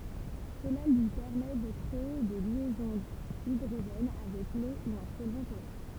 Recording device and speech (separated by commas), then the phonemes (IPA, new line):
temple vibration pickup, read sentence
səla lyi pɛʁmɛ də kʁee de ljɛzɔ̃z idʁoʒɛn avɛk lo u œ̃ sɔlvɑ̃ polɛʁ